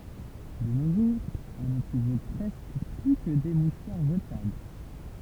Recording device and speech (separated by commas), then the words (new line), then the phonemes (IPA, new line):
temple vibration pickup, read sentence
De nos jours, on ne trouve presque plus que des mouchoirs jetables.
də no ʒuʁz ɔ̃ nə tʁuv pʁɛskə ply kə de muʃwaʁ ʒətabl